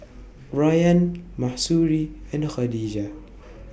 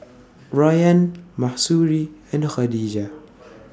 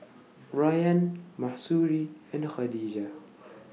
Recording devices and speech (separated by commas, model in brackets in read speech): boundary microphone (BM630), standing microphone (AKG C214), mobile phone (iPhone 6), read sentence